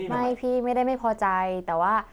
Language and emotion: Thai, frustrated